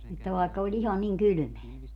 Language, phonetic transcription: Finnish, että 'vàekka o'ĺ ‿iha niŋ "kylʸmeä .
- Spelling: että vaikka oli ihan niin kylmää

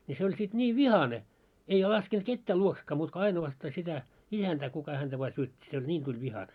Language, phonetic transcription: Finnish, ni se oĺ sit 'ńiiv "vihane , ei 'laskent 'kettää 'luoksekkaa muut ko 'ainowasta sitä , 'isäntää kuka häntä vaa 'syöt́t́i se oĺ "ńiin tuĺ 'vihane .
- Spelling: niin se oli sitten niin vihainen ei laskenut ketään luoksekaan muuta kuin ainoastaan sitä isäntää kuka häntä vain syötti se oli niin tuli vihainen

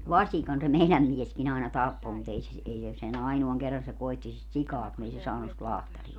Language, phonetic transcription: Finnish, "vaśikan se 'meiläm 'mieskin ‿aina "tappo mu't ‿ei se si- , 'ei se se'n ‿ainoaŋ 'kerran se 'koitti sit 'sikaa kun ‿ei se 'saanus sit 'lahtaria .
- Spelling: vasikan se meidän mieskin aina tappoi mutta ei se - ei se sen ainoan kerran se koetti sitä sikaa kun ei se saanut sitä lahtaria

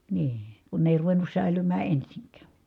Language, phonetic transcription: Finnish, nii , kun ne èi̮ ruveǹus sä̀ilymää ensiŋk̀ä̀ .
- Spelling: niin kun ne ei ruvennut säilymään ensinkään

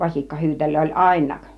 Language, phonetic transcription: Finnish, 'vasikkahyytel̆löö oĺ "àin̆naak .
- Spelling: vasikkahyytelöä oli ainakin

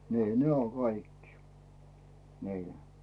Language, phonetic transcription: Finnish, 'nii "ne o 'kaikkɪ , nii .
- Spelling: niin ne on kaikki niin

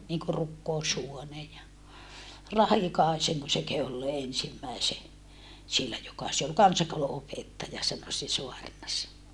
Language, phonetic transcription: Finnish, niŋku rukkoushuone ja , Rahikàeseŋko se kehu ollee ensimmäise , siellä joka se ol kansakoulu₍opettaja sano se soarnas .
- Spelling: niin kuin rukoushuone ja Rahikaisenko se kehui olleen ensimmäisen siellä joka se oli kansakoulunopettaja sanoi se saarnasi

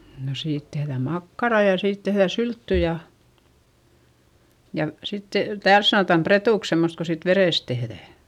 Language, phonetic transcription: Finnish, no siit tehδä̀m makkarà ja siit tehδä syltty ja , ja sittE , tääls sanòtam pretùks semmost ko siit verès tehδä̀ .
- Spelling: no siitä tehdään makkaraa ja siitä tehdään sylttyä ja ja sitten täällä sanotaan pretuksi semmoista kun siitä verestä tehdään

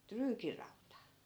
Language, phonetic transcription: Finnish, 'tryykirauta .
- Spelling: tryykirauta

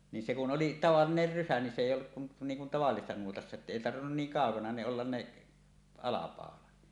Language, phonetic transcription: Finnish, ni se kun "oli "tavalliner 'rysä ni se èij̆j ‿olluk kun , niiŋ kun tavallisessa nuotassa että "èi 'tarvinnun 'niiŋ 'kàokana ne ollan ne , 'alapàolat .
- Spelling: niin se kun oli tavallinen rysä niin se ei ollut kuin niin kuin tavallisessa nuotassa että ei tarvinnut niin kaukana ne olla ne alapaulat

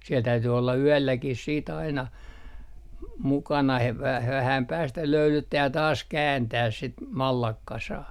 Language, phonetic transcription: Finnish, siɛl 'täyty olla "yälläkih sii't ‿aina , m - 'mukana he v - 'vähäm 'päästä "löylyttää ja 'taas "kääntääs sit , "mallakkasaa .
- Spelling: siellä täytyi olla yölläkin sitten aina - mukana - - vähän päästä löylyttää ja taas kääntää sitten mallaskasaa

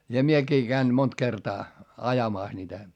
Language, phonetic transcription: Finnish, ja miekii käin mont kertaa , ajamàs niitä .
- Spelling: ja minäkin kävin monta kertaa ajamassa niitä

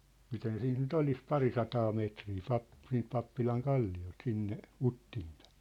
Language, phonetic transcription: Finnish, 'miten 'siint ny't ‿olis "parisataa 'meetrii 'pap- , siint 'pappilaŋ 'kalli₍olt 'sinne , 'Uttiim pᴀ̈ɪɴ .
- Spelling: miten siitä nyt olisi parisataa metriä - siitä pappilan kalliolta sinne Uttiin päin

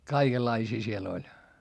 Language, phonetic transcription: Finnish, kaikellaisii siel ‿oĺ .
- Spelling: kaikenlaisia siellä oli

